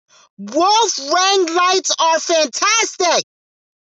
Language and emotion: English, disgusted